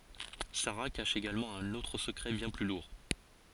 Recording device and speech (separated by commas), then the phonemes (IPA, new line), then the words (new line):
forehead accelerometer, read sentence
saʁa kaʃ eɡalmɑ̃ œ̃n otʁ səkʁɛ bjɛ̃ ply luʁ
Sara cache également un autre secret bien plus lourd.